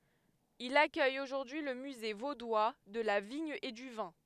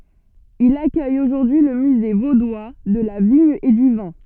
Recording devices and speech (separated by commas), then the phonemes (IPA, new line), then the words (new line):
headset microphone, soft in-ear microphone, read sentence
il akœj oʒuʁdyi lə myze vodwa də la viɲ e dy vɛ̃
Il accueille aujourd'hui le Musée vaudois de la vigne et du vin.